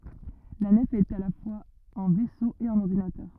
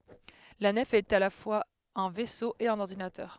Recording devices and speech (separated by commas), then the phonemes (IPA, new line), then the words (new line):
rigid in-ear microphone, headset microphone, read sentence
la nɛf ɛt a la fwaz œ̃ vɛso e œ̃n ɔʁdinatœʁ
La nef est à la fois un vaisseau et un ordinateur.